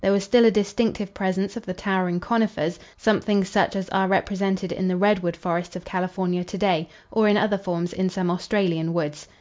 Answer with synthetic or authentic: authentic